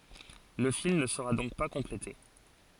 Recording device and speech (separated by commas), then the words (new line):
forehead accelerometer, read sentence
Le film ne sera donc pas complété.